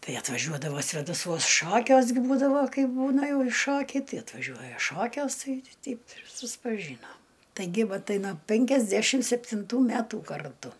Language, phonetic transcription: Lithuanian, ˈtai atvaˈžiuodavo svėdaˈsuos ˈšokiuos gi ˈbūdavo ˈkaip ˈbūna ˈjau i ˈšokiai ˈtai atvaˈžiuoja ˈšokiuos ˈtai ˈteip ir suspaˈžynom taiˈgi ˈva ˈtai no penkiasˈdæšim septinˈtų ˈmætų karˈtu

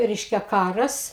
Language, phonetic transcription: Lithuanian, ˈreiškia ˈkaras

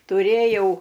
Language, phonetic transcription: Lithuanian, tuˈrėjau

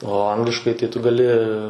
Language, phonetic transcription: Lithuanian, o ˈangliškai tai tu gaˈli

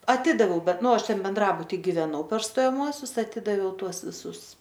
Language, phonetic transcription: Lithuanian, aˈtidaviau ˈbet ˈnu ˈaš ˈten benˈdrabuti giveˈnau per stojaˈmuosius aˈtidaviau ˈtuos viˈsus

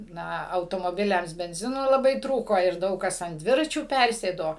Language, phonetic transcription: Lithuanian, ˈna automoˈbiliams benˈzino laˈbai ˈtrūko ir ˈdaug kas ant ˈdviračių ˈpærsėdo

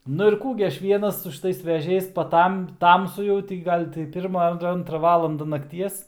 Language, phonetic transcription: Lithuanian, nu ir ˈkų gi ˈaš ˈvienas su šiˈtais veˈžiais paˈtam ˈtamsu jau tai gi ˈgal' tai ˈpirma ar ˈantra ˈvalanda nakˈties

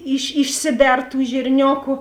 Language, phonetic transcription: Lithuanian, iš išˈsiˌber tų žirˈnioku

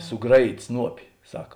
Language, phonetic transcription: Lithuanian, suˈgraˌjyt' ˈsnuopi ˈsaka

